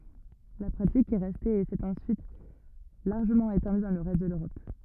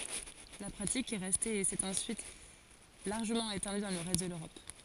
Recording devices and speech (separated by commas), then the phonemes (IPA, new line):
rigid in-ear microphone, forehead accelerometer, read sentence
la pʁatik ɛ ʁɛste e sɛt ɑ̃syit laʁʒəmɑ̃ etɑ̃dy dɑ̃ lə ʁɛst də løʁɔp